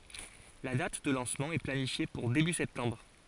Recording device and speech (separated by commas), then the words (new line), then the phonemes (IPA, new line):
forehead accelerometer, read sentence
La date de lancement est planifiée pour début septembre.
la dat də lɑ̃smɑ̃ ɛ planifje puʁ deby sɛptɑ̃bʁ